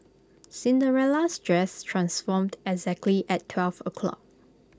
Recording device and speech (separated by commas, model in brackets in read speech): close-talking microphone (WH20), read sentence